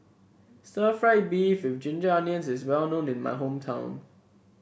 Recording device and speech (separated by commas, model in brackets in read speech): boundary microphone (BM630), read sentence